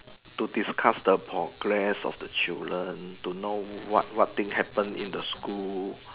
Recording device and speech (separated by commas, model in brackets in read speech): telephone, conversation in separate rooms